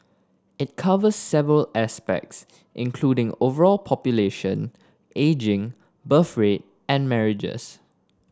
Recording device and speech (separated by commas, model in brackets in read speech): standing microphone (AKG C214), read sentence